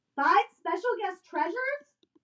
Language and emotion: English, angry